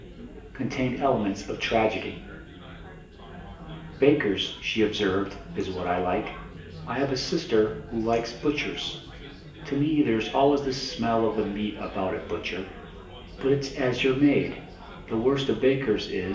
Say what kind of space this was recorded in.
A large room.